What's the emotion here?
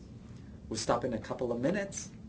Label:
happy